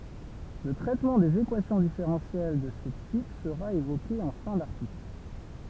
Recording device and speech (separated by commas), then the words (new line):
temple vibration pickup, read sentence
Le traitement des équations différentielles de ce type sera évoqué en fin d'article.